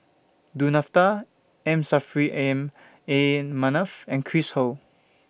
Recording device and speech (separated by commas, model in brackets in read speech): boundary microphone (BM630), read sentence